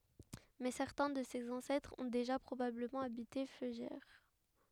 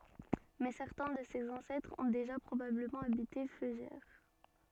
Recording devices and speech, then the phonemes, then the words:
headset microphone, soft in-ear microphone, read sentence
mɛ sɛʁtɛ̃ də sez ɑ̃sɛtʁz ɔ̃ deʒa pʁobabləmɑ̃ abite føʒɛʁ
Mais certains de ses ancêtres ont déjà probablement habité Feugères.

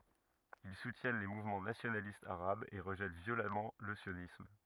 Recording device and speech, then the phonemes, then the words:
rigid in-ear microphone, read sentence
il sutjɛn le muvmɑ̃ nasjonalistz aʁabz e ʁəʒɛt vjolamɑ̃ lə sjonism
Ils soutiennent les mouvements nationalistes arabes et rejettent violemment le sionisme.

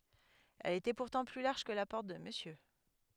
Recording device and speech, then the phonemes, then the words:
headset microphone, read sentence
ɛl etɛ puʁtɑ̃ ply laʁʒ kə la pɔʁt də məsjø
Elle était pourtant plus large que la Porte de Monsieur...

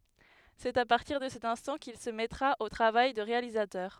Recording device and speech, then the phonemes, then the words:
headset microphone, read sentence
sɛt a paʁtiʁ də sɛt ɛ̃stɑ̃ kil sə mɛtʁa o tʁavaj də ʁealizatœʁ
C'est à partir de cet instant qu'il se mettra au travail de réalisateur.

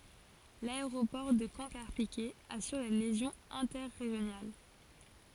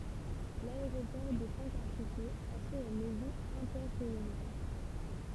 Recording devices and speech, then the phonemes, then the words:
forehead accelerometer, temple vibration pickup, read sentence
laeʁopɔʁ də kɑ̃ kaʁpikɛ asyʁ le ljɛzɔ̃z ɛ̃tɛʁeʒjonal
L’aéroport de Caen - Carpiquet assure les liaisons interrégionales.

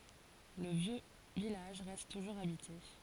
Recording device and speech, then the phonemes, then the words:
forehead accelerometer, read sentence
lə vjø vilaʒ ʁɛst tuʒuʁz abite
Le vieux village reste toujours habité.

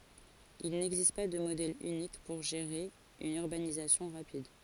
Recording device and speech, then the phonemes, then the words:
forehead accelerometer, read sentence
il nɛɡzist pa də modɛl ynik puʁ ʒeʁe yn yʁbanizasjɔ̃ ʁapid
Il n'existe pas de modèle unique pour gérer une urbanisation rapide.

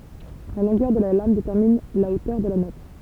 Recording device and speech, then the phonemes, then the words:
temple vibration pickup, read sentence
la lɔ̃ɡœʁ də la lam detɛʁmin la otœʁ də la nɔt
La longueur de la lame détermine la hauteur de la note.

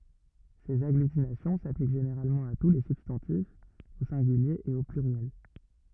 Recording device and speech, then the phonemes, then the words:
rigid in-ear microphone, read sentence
sez aɡlytinasjɔ̃ saplik ʒeneʁalmɑ̃ a tu le sybstɑ̃tifz o sɛ̃ɡylje e o plyʁjɛl
Ces agglutinations s'appliquent généralement à tous les substantifs, au singulier et au pluriel.

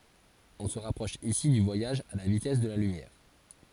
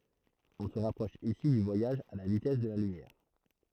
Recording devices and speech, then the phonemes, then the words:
forehead accelerometer, throat microphone, read sentence
ɔ̃ sə ʁapʁɔʃ isi dy vwajaʒ a la vitɛs də la lymjɛʁ
On se rapproche ici du voyage à la vitesse de la lumière.

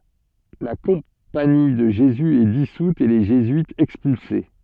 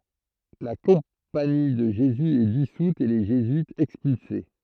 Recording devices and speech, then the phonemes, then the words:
soft in-ear microphone, throat microphone, read sentence
la kɔ̃pani də ʒezy ɛ disut e le ʒezyitz ɛkspylse
La Compagnie de Jésus est dissoute et les jésuites expulsés.

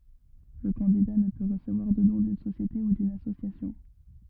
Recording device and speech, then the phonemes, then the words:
rigid in-ear microphone, read sentence
lə kɑ̃dida nə pø ʁəsəvwaʁ də dɔ̃ dyn sosjete u dyn asosjasjɔ̃
Le candidat ne peut recevoir de don d'une société ou d'une association.

